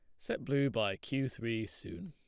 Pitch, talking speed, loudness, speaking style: 135 Hz, 190 wpm, -36 LUFS, plain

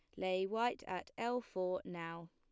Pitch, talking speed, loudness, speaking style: 185 Hz, 170 wpm, -40 LUFS, plain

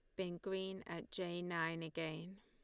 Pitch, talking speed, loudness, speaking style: 175 Hz, 165 wpm, -44 LUFS, Lombard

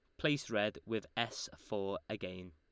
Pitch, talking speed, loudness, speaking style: 105 Hz, 155 wpm, -39 LUFS, Lombard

